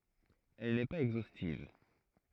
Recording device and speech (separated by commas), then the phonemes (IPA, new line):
throat microphone, read sentence
ɛl nɛ paz ɛɡzostiv